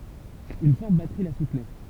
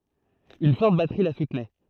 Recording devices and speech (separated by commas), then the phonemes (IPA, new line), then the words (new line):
temple vibration pickup, throat microphone, read sentence
yn fɔʁt batʁi la sutnɛ
Une forte batterie la soutenait.